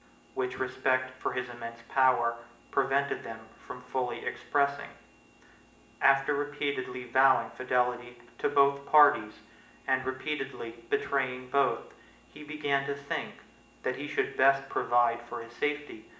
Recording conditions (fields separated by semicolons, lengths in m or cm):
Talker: one person; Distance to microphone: 1.8 m; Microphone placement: close; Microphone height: 1.0 m; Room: large; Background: none